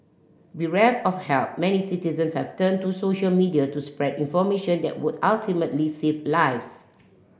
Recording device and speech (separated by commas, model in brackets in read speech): boundary microphone (BM630), read sentence